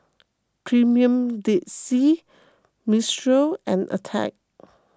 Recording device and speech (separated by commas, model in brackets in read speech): close-talking microphone (WH20), read sentence